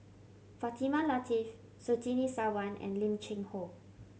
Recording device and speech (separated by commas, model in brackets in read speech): mobile phone (Samsung C7100), read sentence